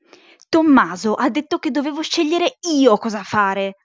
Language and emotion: Italian, angry